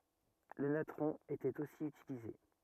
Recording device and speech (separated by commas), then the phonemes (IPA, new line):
rigid in-ear microphone, read sentence
lə natʁɔ̃ etɛt osi ytilize